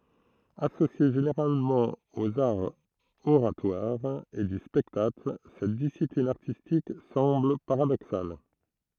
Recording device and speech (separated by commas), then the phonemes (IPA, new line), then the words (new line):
throat microphone, read sentence
asosje ʒeneʁalmɑ̃ oz aʁz oʁatwaʁz e dy spɛktakl sɛt disiplin aʁtistik sɑ̃bl paʁadoksal
Associée généralement aux arts oratoires et du spectacle, cette discipline artistique semble paradoxale.